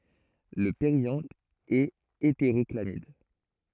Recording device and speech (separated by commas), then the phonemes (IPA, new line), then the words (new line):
throat microphone, read sentence
lə peʁjɑ̃t ɛt eteʁɔklamid
Le périanthe est hétérochlamyde.